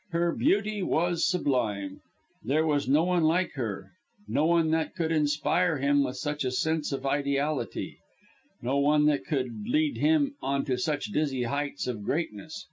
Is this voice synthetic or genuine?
genuine